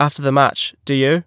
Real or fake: real